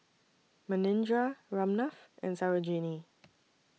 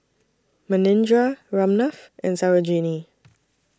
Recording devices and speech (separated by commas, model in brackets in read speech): mobile phone (iPhone 6), standing microphone (AKG C214), read sentence